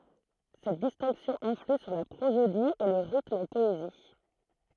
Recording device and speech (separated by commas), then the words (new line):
throat microphone, read sentence
Cette distinction influe sur la prosodie et le rythme en poésie.